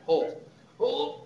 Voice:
strained voice